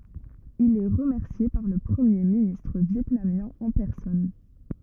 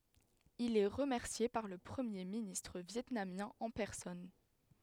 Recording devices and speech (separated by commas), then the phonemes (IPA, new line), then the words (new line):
rigid in-ear microphone, headset microphone, read sentence
il ɛ ʁəmɛʁsje paʁ lə pʁəmje ministʁ vjɛtnamjɛ̃ ɑ̃ pɛʁsɔn
Il est remercié par le premier ministre vietnamien en personne.